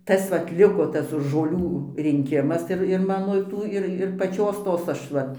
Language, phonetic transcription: Lithuanian, ˈtas vat ˈliko ˈtas žoˈlių rinˈkimas ir ir ˈmano ˈtų ir ir paˈčios ˈtos ˈaš ˈva

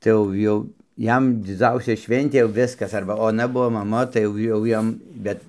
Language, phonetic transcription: Lithuanian, tai ˈjau ˈjau ˈjam diˈdzausia ˈšventė jau ˈviskas ˈarba oˈna ˈbuo maˈma tai ˈjau jau ˈjam ˈbet

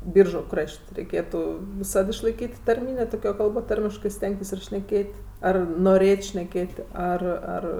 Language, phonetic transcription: Lithuanian, ˈbyržu ˈkraš't' reiˈkėtu viˈsad išlaiˈkyt' tarˈmynė ˈtokio ˈkalbo ˈtarmiškɜ ˈstengtis šneˈkėt' ˈar noˈrėt' šneˈkėt' ˈar ˈar

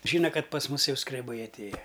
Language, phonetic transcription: Lithuanian, ˈžyna ˈkad pas ˈmus ˈjau skreˈbai atˈėja

